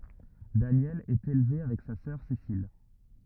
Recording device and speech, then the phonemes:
rigid in-ear microphone, read sentence
danjɛl ɛt elve avɛk sa sœʁ sesil

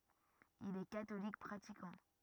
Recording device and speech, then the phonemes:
rigid in-ear microphone, read sentence
il ɛ katolik pʁatikɑ̃

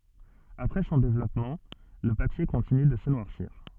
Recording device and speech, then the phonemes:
soft in-ear microphone, read sentence
apʁɛ sɔ̃ devlɔpmɑ̃ lə papje kɔ̃tiny də sə nwaʁsiʁ

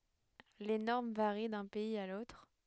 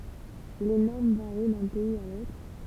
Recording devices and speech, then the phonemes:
headset microphone, temple vibration pickup, read sentence
le nɔʁm vaʁi dœ̃ pɛiz a lotʁ

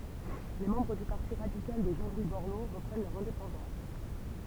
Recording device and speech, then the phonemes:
temple vibration pickup, read sentence
le mɑ̃bʁ dy paʁti ʁadikal də ʒɑ̃ lwi bɔʁlo ʁəpʁɛn lœʁ ɛ̃depɑ̃dɑ̃s

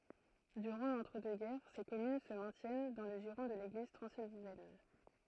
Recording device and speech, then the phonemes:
throat microphone, read sentence
dyʁɑ̃ lɑ̃tʁədøksɡɛʁ se kɔmyn sə mɛ̃tjɛn dɑ̃ lə ʒiʁɔ̃ də leɡliz tʁɑ̃zilvɛn

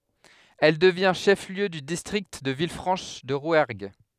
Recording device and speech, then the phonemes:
headset microphone, read sentence
ɛl dəvjɛ̃ ʃɛf ljø dy distʁikt də vilfʁɑ̃ʃ də ʁwɛʁɡ

